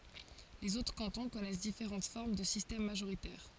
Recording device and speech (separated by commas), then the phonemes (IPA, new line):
forehead accelerometer, read sentence
lez otʁ kɑ̃tɔ̃ kɔnɛs difeʁɑ̃t fɔʁm də sistɛm maʒoʁitɛʁ